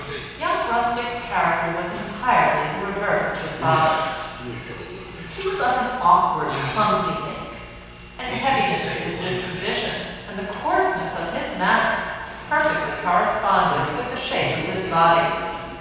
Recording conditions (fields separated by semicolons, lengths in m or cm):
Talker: one person; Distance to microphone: 7.1 m; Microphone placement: far; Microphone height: 1.7 m; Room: very reverberant, large; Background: television